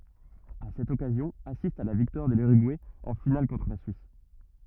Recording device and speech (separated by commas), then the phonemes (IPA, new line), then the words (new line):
rigid in-ear microphone, read sentence
a sɛt ɔkazjɔ̃ asistt a la viktwaʁ də lyʁyɡuɛ ɑ̃ final kɔ̃tʁ la syis
À cette occasion, assistent à la victoire de l'Uruguay en finale contre la Suisse.